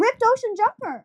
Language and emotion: English, happy